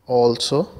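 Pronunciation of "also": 'Also' is pronounced correctly here.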